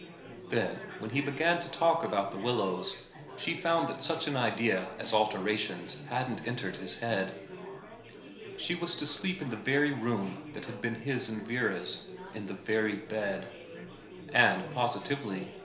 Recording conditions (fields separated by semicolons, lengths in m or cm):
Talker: one person; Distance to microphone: 1.0 m; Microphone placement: close; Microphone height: 1.1 m; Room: small (3.7 m by 2.7 m); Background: babble